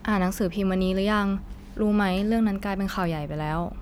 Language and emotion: Thai, neutral